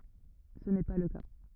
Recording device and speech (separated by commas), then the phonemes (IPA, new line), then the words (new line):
rigid in-ear microphone, read sentence
sə nɛ pa lə ka
Ce n’est pas le cas.